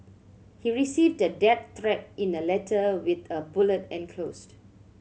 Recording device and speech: mobile phone (Samsung C7100), read sentence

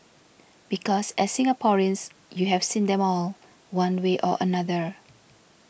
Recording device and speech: boundary microphone (BM630), read sentence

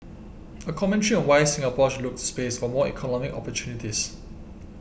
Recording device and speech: boundary microphone (BM630), read sentence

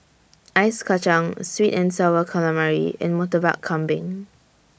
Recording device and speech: boundary microphone (BM630), read sentence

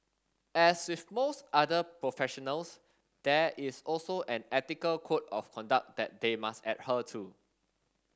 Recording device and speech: standing microphone (AKG C214), read sentence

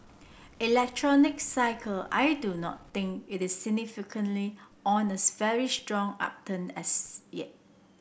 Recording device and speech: boundary microphone (BM630), read sentence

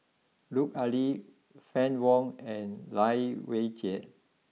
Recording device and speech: mobile phone (iPhone 6), read sentence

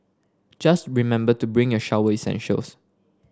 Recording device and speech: standing microphone (AKG C214), read sentence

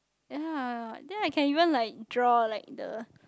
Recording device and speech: close-talking microphone, conversation in the same room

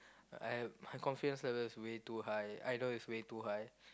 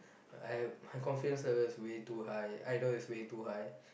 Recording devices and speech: close-talking microphone, boundary microphone, conversation in the same room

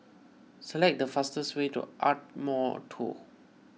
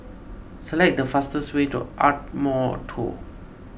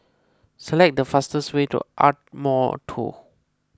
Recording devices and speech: mobile phone (iPhone 6), boundary microphone (BM630), close-talking microphone (WH20), read sentence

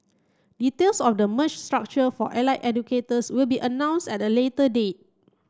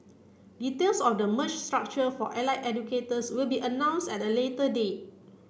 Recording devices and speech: close-talking microphone (WH30), boundary microphone (BM630), read sentence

